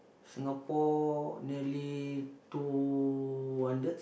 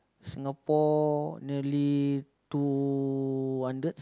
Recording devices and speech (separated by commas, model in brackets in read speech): boundary microphone, close-talking microphone, conversation in the same room